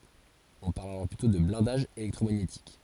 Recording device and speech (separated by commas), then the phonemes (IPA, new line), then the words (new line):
forehead accelerometer, read sentence
ɔ̃ paʁl alɔʁ plytɔ̃ də blɛ̃daʒ elɛktʁomaɲetik
On parle alors plutôt de blindage électromagnétique.